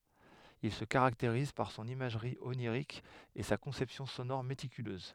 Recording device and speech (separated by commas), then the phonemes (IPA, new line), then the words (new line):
headset microphone, read sentence
il sə kaʁakteʁiz paʁ sɔ̃n imaʒʁi oniʁik e sa kɔ̃sɛpsjɔ̃ sonɔʁ metikyløz
Il se caractérise par son imagerie onirique et sa conception sonore méticuleuse.